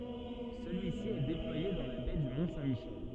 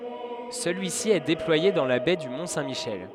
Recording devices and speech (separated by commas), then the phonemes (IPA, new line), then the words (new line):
soft in-ear microphone, headset microphone, read sentence
səlyisi ɛ deplwaje dɑ̃ la bɛ dy mɔ̃ sɛ̃ miʃɛl
Celui-ci est déployé dans la baie du Mont Saint Michel.